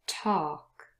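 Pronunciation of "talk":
'talk' has a British pronunciation, with the same long o vowel heard in 'more', 'daughter' and 'water'.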